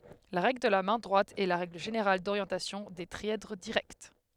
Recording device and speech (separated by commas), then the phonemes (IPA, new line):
headset microphone, read sentence
la ʁɛɡl də la mɛ̃ dʁwat ɛ la ʁɛɡl ʒeneʁal doʁjɑ̃tasjɔ̃ de tʁiɛdʁ diʁɛkt